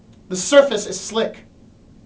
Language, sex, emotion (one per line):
English
male
angry